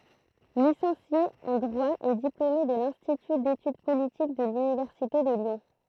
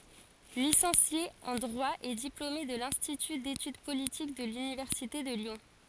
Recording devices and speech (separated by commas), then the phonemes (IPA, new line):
throat microphone, forehead accelerometer, read sentence
lisɑ̃sje ɑ̃ dʁwa e diplome də lɛ̃stity detyd politik də lynivɛʁsite də ljɔ̃